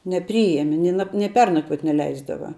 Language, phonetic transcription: Lithuanian, neˈpryeme ˈni na ni ˈpernakvuot neˈleisdava

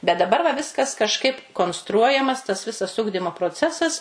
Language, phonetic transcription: Lithuanian, bet daˈbar va ˈviskas kažˈkaip konsˈtruojamas tas ˈvisas ˈugdimo proˈcesas

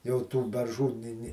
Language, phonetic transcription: Lithuanian, jau tų berˈžų ˈni ˈni

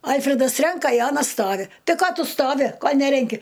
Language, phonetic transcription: Lithuanian, ˈalfredas ˈrenka i ˈanas ˈstovi ˈtai ˈko ˈtu ˈstovi ˈko ˈnerenki

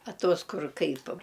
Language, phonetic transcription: Lithuanian, a ˈtuos ˈkur ˈkaip

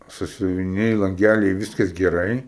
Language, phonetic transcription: Lithuanian, sasiuviˈniai lanˈgæliai ˈviskas geˈrai

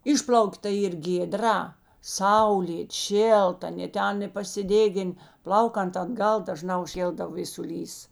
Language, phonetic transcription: Lithuanian, ˈišpl'auk ta ˈyr gėˈdra ˈsaulėt ˈšėlta aˈnė ˈten i pasiˈdėgin ˈplaukant atˈgal daˈžnā užˈkėldav vėsuˈlys

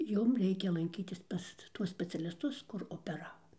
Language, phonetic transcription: Lithuanian, ˈjum ˈreikia lanˈkytis ˈpas ˈtuos specialisˈtus kur opeˈravo

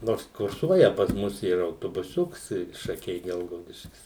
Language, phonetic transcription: Lithuanian, ˈnors kurˈsuoja pas ˈmus ˈyra autobuˈsiuks i šaˈkiai ˈgelgaudiškis

